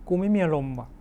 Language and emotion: Thai, frustrated